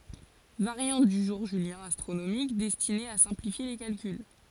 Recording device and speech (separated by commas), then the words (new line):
forehead accelerometer, read sentence
Variante du jour julien astronomique destinée à simplifier les calculs.